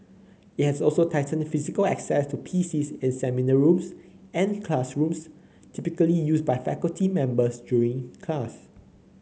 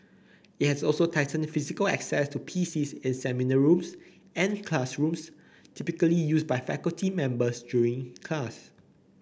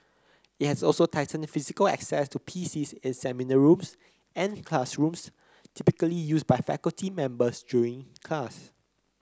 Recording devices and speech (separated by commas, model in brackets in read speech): mobile phone (Samsung C9), boundary microphone (BM630), close-talking microphone (WH30), read sentence